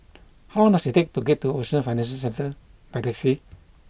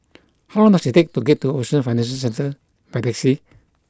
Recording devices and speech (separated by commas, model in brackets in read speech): boundary microphone (BM630), close-talking microphone (WH20), read sentence